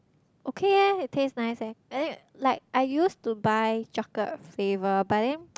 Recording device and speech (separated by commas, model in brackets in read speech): close-talking microphone, conversation in the same room